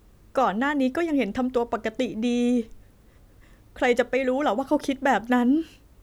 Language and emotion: Thai, sad